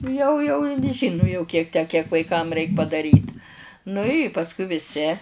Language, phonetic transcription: Lithuanian, jau jau in ˈžynu jau ˈkiek ˈtę kiek vaiˈkam ˈreik padaˈryt nu i pasˈkui viˈsi

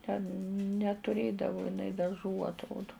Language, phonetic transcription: Lithuanian, ten netuˈrėdavu iˈnai daˈžų atˈrodu

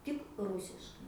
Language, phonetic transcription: Lithuanian, tik ˈrusiškai

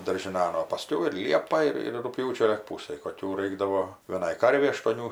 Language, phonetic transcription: Lithuanian, daržiˈnan o paˈskiau ir ˈliepa ˈir ir rugˈpjūčio lig ˈpūsaj koˈkių ˈraikdavo vieˈnai ˈkarvei aštuoˈnių

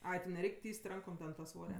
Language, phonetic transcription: Lithuanian, ˈai ti neˈreik' ˈtys't' ˈrankom ten ta ˈsvoria

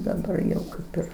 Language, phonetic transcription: Lithuanian, daˈbar jau ˈkaip ir

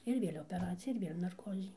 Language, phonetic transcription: Lithuanian, ir ˈvėl' opeˈracija ir ˈvėl' narˈkozi

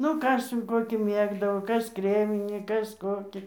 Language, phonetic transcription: Lithuanian, ˈnu ˈkas jau ˈkokį ˈmėgdavo ˈkas ˈkreminį ˈkas ˈkokį

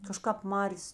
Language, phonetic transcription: Lithuanian, kaˈžkāp ˈmarės

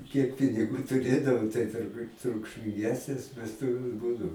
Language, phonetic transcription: Lithuanian, kiek piniˈgų tuˈrėdavo tai turˈbūt trukšminˈgesnės vesˈtuvės ˈbūdau

